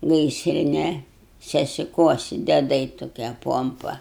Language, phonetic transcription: Lithuanian, ˈgaisrine sesiˈkuosi deˈdai toˈkie ˈpompa

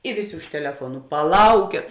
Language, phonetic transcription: Lithuanian, i ˈvėˌsė už teleˈfuonu paˈlaukėt

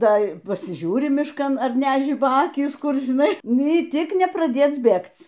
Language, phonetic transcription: Lithuanian, ˈtai ˈpasiˈžiūri mišˈkan ar næˈžiba ˈakys ˈkur žiˈnai ˈny ˈtik nepraˈdėc ˈbėgc

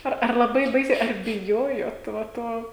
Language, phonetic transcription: Lithuanian, ˈar ar laˈbai ˈbaisiai ar biˈjojot va ˈto

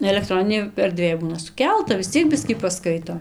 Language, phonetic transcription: Lithuanian, elekˈtroninėj erˈdvėj ˈbūna suˈkelta vis ˈciek ˈbiskį paˈskaito

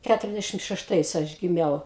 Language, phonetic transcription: Lithuanian, ˈkæturiasˌdæšim šešˈtais ˈaš giˈmiau

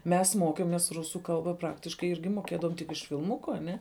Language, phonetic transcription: Lithuanian, ˈmes ˈmokėmės ˈrusų ˈkalba ˈpraktiškai ˈirgi moˈkėdavom tik iš filˈmuku aˈne

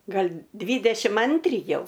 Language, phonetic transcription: Lithuanian, ˈgal' ˈdvydešim ˈantri ˈjau

